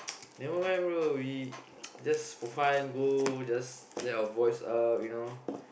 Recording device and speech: boundary microphone, conversation in the same room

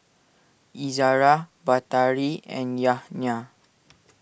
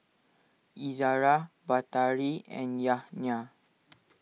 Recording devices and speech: boundary microphone (BM630), mobile phone (iPhone 6), read sentence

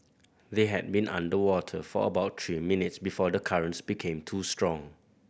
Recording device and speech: boundary microphone (BM630), read sentence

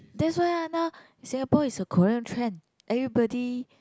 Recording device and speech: close-talking microphone, conversation in the same room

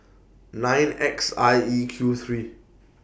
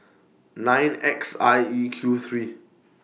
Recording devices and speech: boundary microphone (BM630), mobile phone (iPhone 6), read sentence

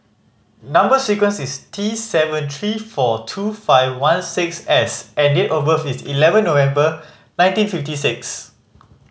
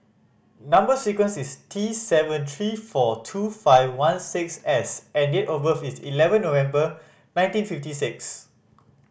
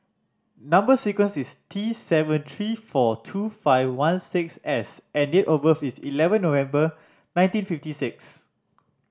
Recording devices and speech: mobile phone (Samsung C5010), boundary microphone (BM630), standing microphone (AKG C214), read sentence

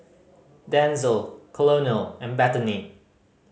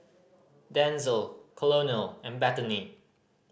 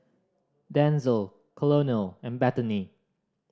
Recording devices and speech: mobile phone (Samsung C5010), boundary microphone (BM630), standing microphone (AKG C214), read sentence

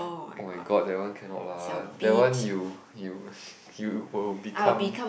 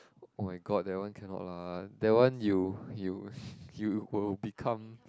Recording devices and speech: boundary microphone, close-talking microphone, conversation in the same room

